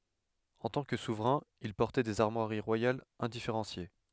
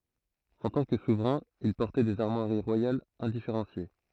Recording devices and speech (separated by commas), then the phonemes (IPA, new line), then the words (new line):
headset microphone, throat microphone, read sentence
ɑ̃ tɑ̃ kə suvʁɛ̃ il pɔʁtɛ dez aʁmwaʁi ʁwajalz ɛ̃difeʁɑ̃sje
En tant que souverain, il portait des armoiries royales indifférenciées.